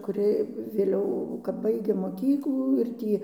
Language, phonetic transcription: Lithuanian, kuˈri vėˈliau kap ˈbaigė moˈkyklų ir ˈtį

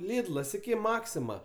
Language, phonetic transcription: Lithuanian, ˈlidlas iˈki ˈmaksima

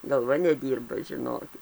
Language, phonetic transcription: Lithuanian, galˈva neˈdyrba žiˈnokit

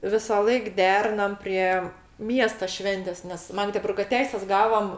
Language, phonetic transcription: Lithuanian, visąˈlaik ˈderinam ˈprie ˈmiesta ˈšventės nes ˈmagdeburga ˈteises ˈgavom

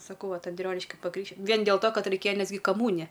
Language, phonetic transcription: Lithuanian, saˈkau ˈvat anˈdrioniški paˈkrykš ˈvien dėl to ˈkad reiˈkėja ˈnes gi kaˈmūnija

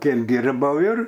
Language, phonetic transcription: Lithuanian, ˈkiek ˈdirbau ir

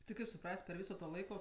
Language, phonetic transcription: Lithuanian, ti ˈkaip suˈpras't' per ˈvyso to ˈlaiko

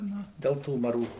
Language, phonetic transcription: Lithuanian, ˈnu ˈdel tų maˈrų

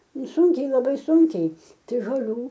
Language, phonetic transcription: Lithuanian, ˈnu ˈsunkiai laˈbai ˈsunkiai tai žoˈlių

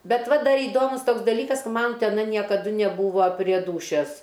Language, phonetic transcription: Lithuanian, ˈbet ˈva ˈdar įˈdomus ˈtoks daˈlykas ka ˈman teˈna niekaˈdu neˈbūva prie ˈdūšias

